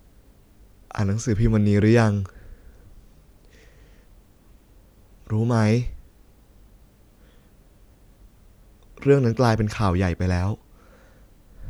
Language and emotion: Thai, sad